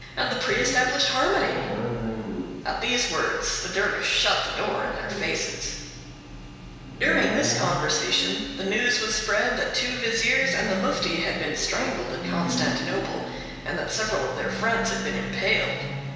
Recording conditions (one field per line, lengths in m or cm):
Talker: one person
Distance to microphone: 1.7 m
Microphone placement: close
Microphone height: 1.0 m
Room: very reverberant, large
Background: television